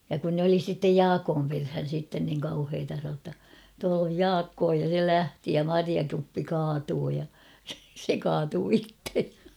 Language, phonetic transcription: Finnish, ja kun nᵉ ‿oli sittej "Jaakoom perhän̬ sitten niŋ 'kauheeta san̬oo ‿tta , » tual ‿oj "Jaakkoo « ja se "lähti ja "mariakuppi 'kaatuu ja , se 'kaatuu "ittej ᴊᴀ .
- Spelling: ja kun ne oli sitten Jaakon perään sitten niin kauheaa sanoi jotta tuolla on Jaakko ja se lähti ja marjakuppi kaatui ja se kaatui itse ja

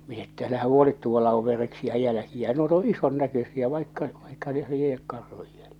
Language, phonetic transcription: Finnish, min ‿että älähä 'huolit 'tuolla ov 'vereksiä 'jälᵃ̈kiä nuot ‿oo̰ , "ison näkösiä vaikka , vaikka neh 'li₍ek 'karhuj jäljᴇ .
- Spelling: minä että älähän huoli tuolla on vereksiä jälkiä nuo on ison näköisiä vaikka vaikka ne lie karhun jälkiä

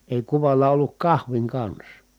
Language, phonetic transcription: Finnish, èi kuval̆la olluk kahviŋ kans .
- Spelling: ei kuvalla ollut kahvin kanssa

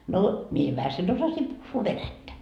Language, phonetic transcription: Finnish, no , mie jo 'vähäsen 'osasim puhhuu "venättä .
- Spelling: no minä jo vähäsen osasin puhua venäjää

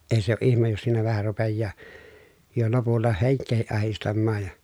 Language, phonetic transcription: Finnish, eⁱ se ‿o ʼihmej jos siinä vähä rupejjaa , jo lopulla heŋk̆keehiʼ ʼahistammaaj ja .
- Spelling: ei se ole ihme jos siinä vähän rupeaa jo lopulla henkeäkin ahdistamaan ja

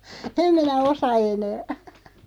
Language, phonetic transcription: Finnish, em minä "osa 'enää .
- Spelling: en minä osaa enää

